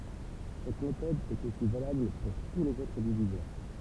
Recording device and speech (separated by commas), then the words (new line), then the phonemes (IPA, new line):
temple vibration pickup, read sentence
Cette méthode est aussi valable pour tous les autres diviseurs.
sɛt metɔd ɛt osi valabl puʁ tu lez otʁ divizœʁ